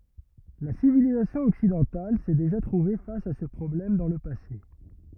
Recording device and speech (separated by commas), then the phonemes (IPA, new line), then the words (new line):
rigid in-ear microphone, read sentence
la sivilizasjɔ̃ ɔksidɑ̃tal sɛ deʒa tʁuve fas a sə pʁɔblɛm dɑ̃ lə pase
La civilisation occidentale s'est déjà trouvée face à ce problème dans le passé.